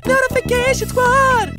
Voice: sing-songy voice